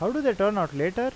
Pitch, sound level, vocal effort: 210 Hz, 90 dB SPL, normal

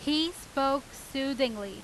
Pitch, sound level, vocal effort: 275 Hz, 92 dB SPL, very loud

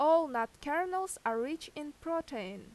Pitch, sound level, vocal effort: 300 Hz, 89 dB SPL, loud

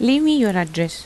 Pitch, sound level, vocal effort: 215 Hz, 84 dB SPL, normal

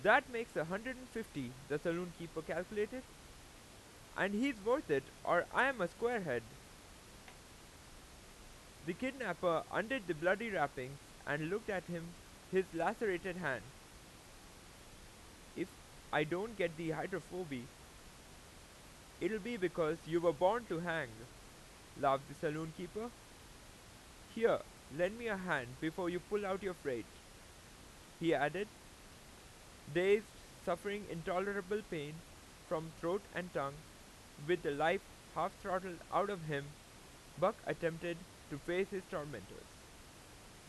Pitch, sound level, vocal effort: 175 Hz, 93 dB SPL, very loud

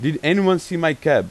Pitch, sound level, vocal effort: 160 Hz, 93 dB SPL, very loud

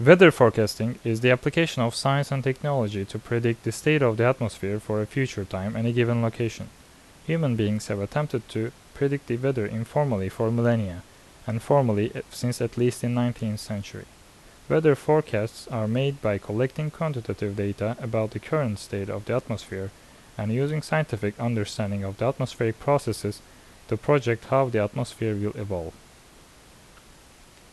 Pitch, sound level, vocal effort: 115 Hz, 80 dB SPL, normal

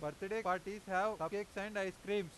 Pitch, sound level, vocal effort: 195 Hz, 98 dB SPL, very loud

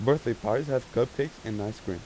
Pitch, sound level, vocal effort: 120 Hz, 87 dB SPL, normal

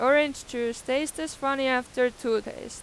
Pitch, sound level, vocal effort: 260 Hz, 93 dB SPL, loud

